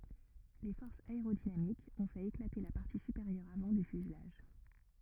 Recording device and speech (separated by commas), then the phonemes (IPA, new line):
rigid in-ear microphone, read sentence
le fɔʁsz aeʁodinamikz ɔ̃ fɛt eklate la paʁti sypeʁjœʁ avɑ̃ dy fyzlaʒ